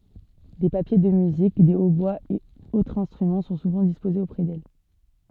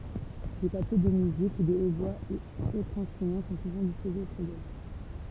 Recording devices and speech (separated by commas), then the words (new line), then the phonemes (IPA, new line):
soft in-ear microphone, temple vibration pickup, read sentence
Des papiers de musique, des hautbois et autres instruments sont souvent disposés auprès d'elle.
de papje də myzik de otbwaz e otʁz ɛ̃stʁymɑ̃ sɔ̃ suvɑ̃ dispozez opʁɛ dɛl